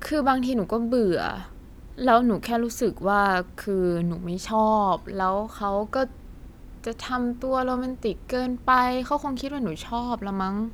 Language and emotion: Thai, frustrated